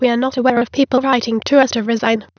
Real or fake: fake